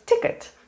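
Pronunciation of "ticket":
'Ticket' is pronounced correctly here.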